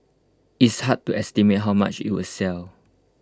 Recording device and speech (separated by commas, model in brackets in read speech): close-talking microphone (WH20), read sentence